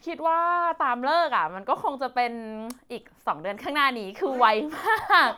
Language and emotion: Thai, happy